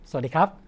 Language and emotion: Thai, neutral